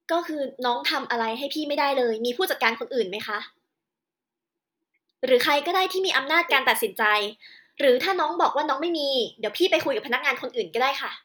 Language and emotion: Thai, angry